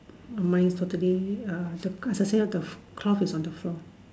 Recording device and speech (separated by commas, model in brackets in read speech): standing microphone, conversation in separate rooms